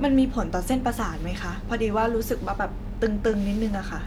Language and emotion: Thai, neutral